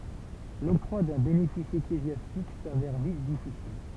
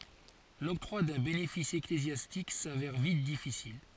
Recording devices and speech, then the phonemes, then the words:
temple vibration pickup, forehead accelerometer, read sentence
lɔktʁwa dœ̃ benefis eklezjastik savɛʁ vit difisil
L'octroi d'un bénéfice ecclésiastique s'avère vite difficile.

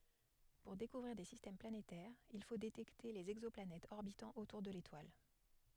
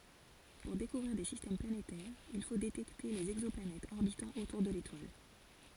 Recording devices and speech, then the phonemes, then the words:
headset microphone, forehead accelerometer, read sentence
puʁ dekuvʁiʁ de sistɛm planetɛʁz il fo detɛkte lez ɛɡzɔplanɛtz ɔʁbitɑ̃ otuʁ də letwal
Pour découvrir des systèmes planétaires, il faut détecter les exoplanètes orbitant autour de l'étoile.

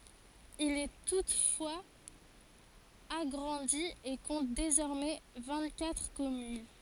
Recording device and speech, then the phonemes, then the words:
forehead accelerometer, read sentence
il ɛ tutfwaz aɡʁɑ̃di e kɔ̃t dezɔʁmɛ vɛ̃ɡtkatʁ kɔmyn
Il est toutefois agrandi et compte désormais vingt-quatre communes.

